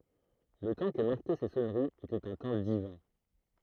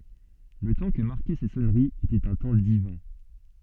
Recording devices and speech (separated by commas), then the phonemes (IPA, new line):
throat microphone, soft in-ear microphone, read sentence
lə tɑ̃ kə maʁkɛ se sɔnəʁiz etɛt œ̃ tɑ̃ divɛ̃